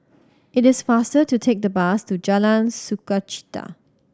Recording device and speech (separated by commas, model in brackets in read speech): standing microphone (AKG C214), read sentence